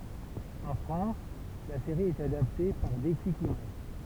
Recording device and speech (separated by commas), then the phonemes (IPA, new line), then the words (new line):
temple vibration pickup, read sentence
ɑ̃ fʁɑ̃s la seʁi ɛt adapte paʁ deklik imaʒ
En France, la série est adaptée par Déclic Images.